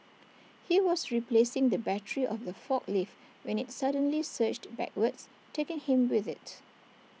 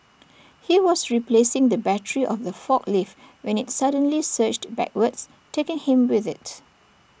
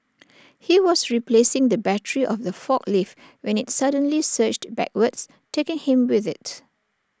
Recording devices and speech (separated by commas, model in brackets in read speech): mobile phone (iPhone 6), boundary microphone (BM630), standing microphone (AKG C214), read sentence